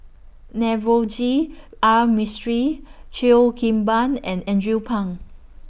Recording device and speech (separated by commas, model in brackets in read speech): boundary microphone (BM630), read sentence